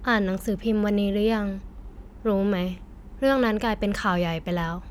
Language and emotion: Thai, neutral